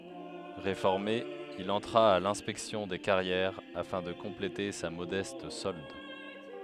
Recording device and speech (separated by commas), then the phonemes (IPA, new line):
headset microphone, read sentence
ʁefɔʁme il ɑ̃tʁa a lɛ̃spɛksjɔ̃ de kaʁjɛʁ afɛ̃ də kɔ̃plete sa modɛst sɔld